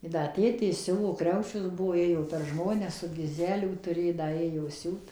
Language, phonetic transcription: Lithuanian, i ˈda ˈtėtė ˈsiuvo ˈkriaučius ˈbuo ˈėjo per ˈžmones ˈsu giˈzelių tuˈrė ˈda ˈėjo ˈsiūt

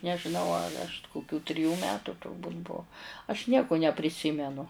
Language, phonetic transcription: Lithuanian, nežiˈnau ar aš kuˈkių triˈjų ˈmetu turˈbūt' ˈbuu aš ˈnieku nepriˈsimenu

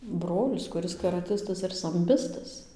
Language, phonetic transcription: Lithuanian, ˈbrolis kuˈris karaˈtistas ir samˈbistas

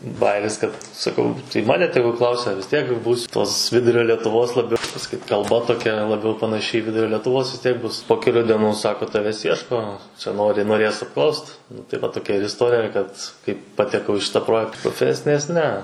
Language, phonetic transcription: Lithuanian, ˈbajiris kad saˈkau tai ˈmane ˈtegu ˈklausia vis ˈtiek ˈbūs tos ˈvidurio lietuˈvos laˈbiau pasaˈkyt kalˈba toˈkia laˈbiau panaˈši į ˈvidurio letuˈvos vis ˈtiek ˈbus po keˈlių dieˈnų ˈsako ˈtaves ˈjieško čia ˈnori noˈrės apˈklaust nu tai ˈva toˈkia ir isˈtorija kad kai pateˈkau i ˈšitą ˈprojekt proˈfesinės ne

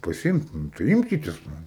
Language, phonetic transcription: Lithuanian, paˈsimt ˈnu tai ˈimkitės ˈnu

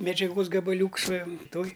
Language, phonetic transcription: Lithuanian, medžiaˈgos gabaˈliūks va ˈtoj

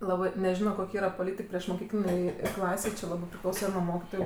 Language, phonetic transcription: Lithuanian, ˈlabɜ neˈžino ˈkok' ˈyra poˈlytik priešmoˈkyklinėj ˈklasėj či ˈlabɜ priˈklausa nu ˈmokitoju

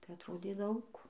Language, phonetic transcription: Lithuanian, tai atˈrodė ˈdaug

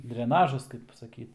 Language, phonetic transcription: Lithuanian, dreˈnažas kaip saˈkyt

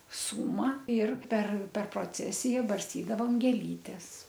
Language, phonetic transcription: Lithuanian, ˈsūma ir per per proˈcesija barsˈtydavom gėˈlytes

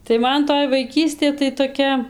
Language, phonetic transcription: Lithuanian, tai ˈman toj vaiˈkystė tai toˈkia

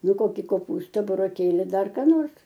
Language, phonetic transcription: Lithuanian, ˈnu ˈkoki koˈpūsta buroˈkėli ˈdar ką ˈnors

